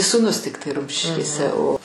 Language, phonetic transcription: Lithuanian, sūˈnus ˈtiktai ˈrumšiškėse o

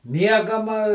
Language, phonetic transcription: Lithuanian, ˈmiegama

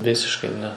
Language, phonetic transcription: Lithuanian, ˈvisiškai ˈne

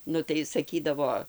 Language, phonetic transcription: Lithuanian, ˈnu tai saˈkydavo

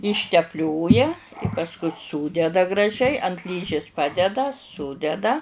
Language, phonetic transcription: Lithuanian, ištepˈlioja pasˈku ˈsūdeda graˈžiai ant ˈlyžis ˈpadeda ˈsudeda

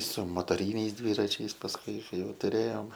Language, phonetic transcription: Lithuanian, su motoˈryniais ˈdvyračiais pasˈkui ˈkai ˈjau tuˈrėjom

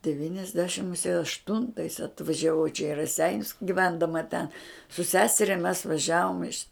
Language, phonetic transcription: Lithuanian, devyniasˈdešim muˈsie ašˈtuntais atvažiaˈvau čia į raˈseinius giˈvendama ten su ˈseseria mes vaˈžiavom iš

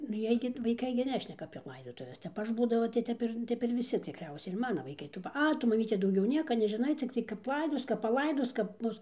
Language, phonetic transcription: Lithuanian, nu ˈjiej gi vaiˈkai gi ˈnešneka apie ˈlaidotuves ˈtep ˈaš ˈbūdava tai ˈtep ir ˈtep ir viˈsi tikˈriausiai ir ˈmana vaiˈkai ˈtų pa ˈa ˈtu maˈmyte dauˈgiau ˈnieka nežiˈnai cikˈtai kap ˈlaidos kap paˈlaidos kap ˈbus

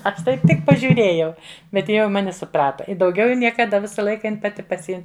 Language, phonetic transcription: Lithuanian, ˈaš ˈtaip ˈtik pažiuˈrėjau bet ˈji jau i ˈmani suˈprata i dauˈgiau jau niekaˈda ˈvisa ˈlaika ˈjin paˈti paˈsiim

